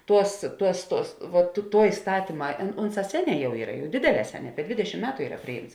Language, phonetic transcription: Lithuanian, ˈtuos ˈtuos ˈtuos va tu ˈtuo iˈstatyma an ˈunˌsā ˈseˌnē ˈjau ˈyra ˈdėdėˌlē ˈseˌnē ˈdvėdešim ˈmetu ˈyra ˈpriˌjymts

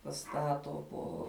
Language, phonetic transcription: Lithuanian, paˈstato po

